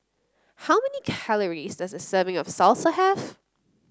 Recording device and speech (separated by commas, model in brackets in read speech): close-talking microphone (WH30), read sentence